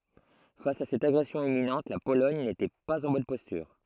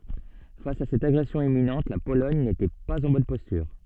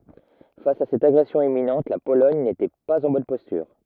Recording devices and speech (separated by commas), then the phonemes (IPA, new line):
throat microphone, soft in-ear microphone, rigid in-ear microphone, read sentence
fas a sɛt aɡʁɛsjɔ̃ imminɑ̃t la polɔɲ netɛ paz ɑ̃ bɔn pɔstyʁ